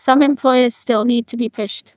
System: TTS, neural waveform model